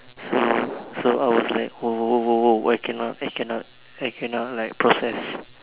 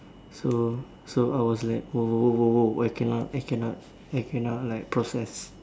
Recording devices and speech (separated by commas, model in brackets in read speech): telephone, standing microphone, conversation in separate rooms